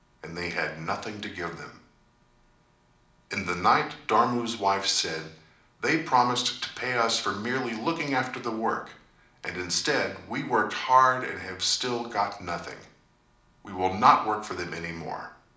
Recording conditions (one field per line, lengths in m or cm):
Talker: one person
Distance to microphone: 2.0 m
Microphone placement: close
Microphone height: 99 cm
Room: medium-sized (5.7 m by 4.0 m)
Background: none